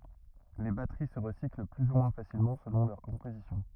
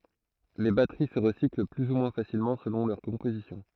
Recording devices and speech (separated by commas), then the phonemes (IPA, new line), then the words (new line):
rigid in-ear microphone, throat microphone, read sentence
le batəʁi sə ʁəsikl ply u mwɛ̃ fasilmɑ̃ səlɔ̃ lœʁ kɔ̃pozisjɔ̃
Les batteries se recyclent plus ou moins facilement selon leur composition.